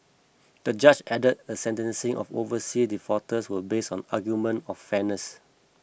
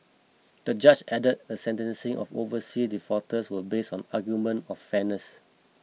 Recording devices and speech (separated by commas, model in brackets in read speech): boundary microphone (BM630), mobile phone (iPhone 6), read sentence